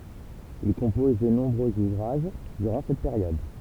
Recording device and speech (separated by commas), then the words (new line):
temple vibration pickup, read sentence
Il compose de nombreux ouvrages durant cette période.